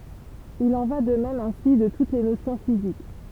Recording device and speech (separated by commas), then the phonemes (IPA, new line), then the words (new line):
temple vibration pickup, read sentence
il ɑ̃ va də mɛm ɛ̃si də tut le nosjɔ̃ fizik
Il en va de même ainsi de toutes les notions physiques.